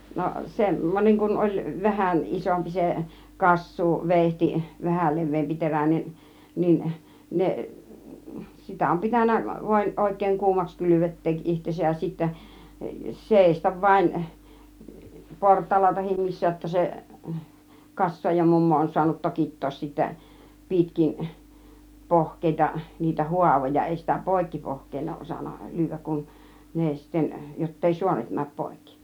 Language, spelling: Finnish, no sen niin kun oli vähän isompi se - kassuuveitsi vähän leveämpi teräinen niin ne sitä on pitänyt vain oikein kuumaksi kylvettää itsensä ja sitten seistä vain portailla tai missä jotta se - kassaajamummo on saanut tokittaa sitten pitkin pohkeita niitä haavoja ei sitä poikki pohkeen ole osannut lyödä kun ne sitten jotta ei suonet mene poikki
- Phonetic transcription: no 'sem , niiŋ kun oĺ , 'vähän , 'ˀisompi se , "kas̀suu- , "vèihti , 'vähäl "lev̆veempi 'terä̀nen niin , 'neˀ , 'sitä om 'pitän̆nä vaĭn 'oik̆kèiŋ "kuumaks 'kylyvet̆teek 'ˀihtesäj ja sittä , "sèistav vaĭn , "port̀àilla tahim "missä jotta 'se , 'kassooja 'mummo on suanut "tokit̀toos sittä "pìtkin , "pohk̀èita niitä "huavoja 'èi sitä "pòikki 'pohk̆keen òuˀ 'ˀosan̆na 'lyyv̆vääk kun , 'ne sitten , jott ‿ei "suonet 'määp 'pòikki .

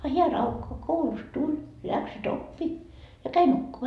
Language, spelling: Finnish, a hän raukka koulusta tuli läksyt oppi ja kävi nukkumaan
- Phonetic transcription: a hiä 'raukka 'koulust "tuĺ , 'läksy"t ‿oppi , ja 'käi nukkuma .

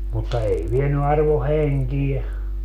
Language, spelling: Finnish, mutta ei vienyt arvon henkeä
- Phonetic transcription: mutta 'ei 'vieny arvo "heŋkiɛ .

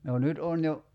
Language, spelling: Finnish, no nyt on jo
- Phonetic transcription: no 'nyt on jo ,.

